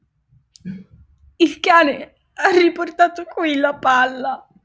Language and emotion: Italian, sad